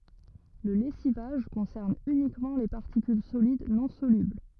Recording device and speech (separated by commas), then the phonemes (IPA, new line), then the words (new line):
rigid in-ear microphone, read sentence
lə lɛsivaʒ kɔ̃sɛʁn ynikmɑ̃ le paʁtikyl solid nɔ̃ solybl
Le lessivage concerne uniquement les particules solides non solubles.